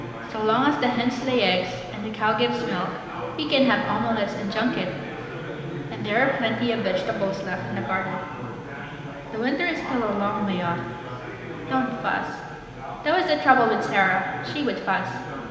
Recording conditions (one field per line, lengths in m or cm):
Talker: one person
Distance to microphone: 1.7 m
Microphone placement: close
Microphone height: 1.0 m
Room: very reverberant, large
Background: babble